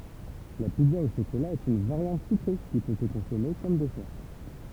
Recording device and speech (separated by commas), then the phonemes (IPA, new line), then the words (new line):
temple vibration pickup, read sentence
la pizza o ʃokola ɛt yn vaʁjɑ̃t sykʁe ki pø sə kɔ̃sɔme kɔm dɛsɛʁ
La pizza au chocolat est une variante sucrée qui peut se consommer comme dessert.